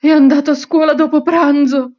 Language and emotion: Italian, fearful